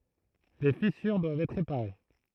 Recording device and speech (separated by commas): throat microphone, read sentence